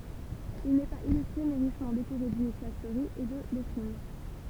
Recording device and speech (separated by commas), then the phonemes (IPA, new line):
temple vibration pickup, read sentence
il nɛ paz ilystʁe mɛ ʁiʃmɑ̃ dekoʁe dinisjal fløʁiz e də lɛtʁin